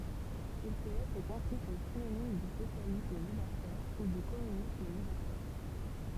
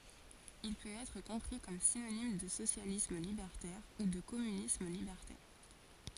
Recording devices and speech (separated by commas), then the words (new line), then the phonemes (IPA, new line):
temple vibration pickup, forehead accelerometer, read sentence
Il peut être compris comme synonyme de socialisme libertaire ou de communisme libertaire.
il pøt ɛtʁ kɔ̃pʁi kɔm sinonim də sosjalism libɛʁtɛʁ u də kɔmynism libɛʁtɛʁ